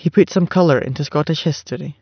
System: none